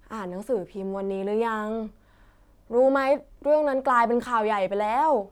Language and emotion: Thai, frustrated